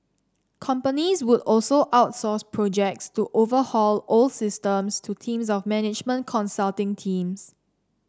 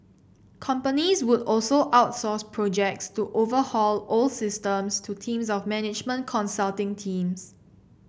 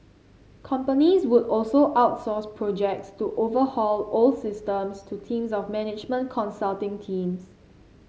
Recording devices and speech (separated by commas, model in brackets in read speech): standing microphone (AKG C214), boundary microphone (BM630), mobile phone (Samsung C7), read sentence